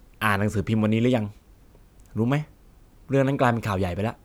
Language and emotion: Thai, frustrated